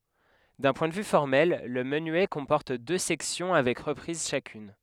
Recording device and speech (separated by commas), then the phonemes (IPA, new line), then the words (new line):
headset microphone, read sentence
dœ̃ pwɛ̃ də vy fɔʁmɛl lə mənyɛ kɔ̃pɔʁt dø sɛksjɔ̃ avɛk ʁəpʁiz ʃakyn
D'un point de vue formel, le menuet comporte deux sections avec reprise chacune.